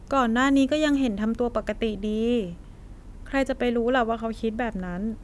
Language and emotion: Thai, frustrated